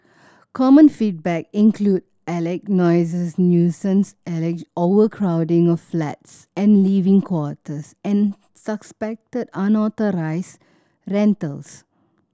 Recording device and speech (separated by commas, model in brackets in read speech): standing microphone (AKG C214), read sentence